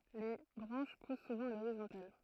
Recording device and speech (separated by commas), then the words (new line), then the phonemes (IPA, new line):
throat microphone, read sentence
Les branches poussent souvent à l’horizontale.
le bʁɑ̃ʃ pus suvɑ̃ a loʁizɔ̃tal